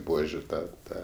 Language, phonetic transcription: Lithuanian, ˈbuožiu ˈta ˈta

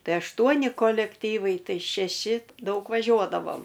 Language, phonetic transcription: Lithuanian, ˈtai ašˈtuoni kolekˈtyvai ˈtai šeˈši ˈdaug vaˈžiuodavom

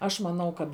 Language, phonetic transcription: Lithuanian, ˈaš maˈnau kad

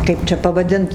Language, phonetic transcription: Lithuanian, ˈkaip čia pavaˈdint

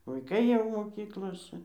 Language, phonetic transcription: Lithuanian, vaiˈkai jau moˈkyklose

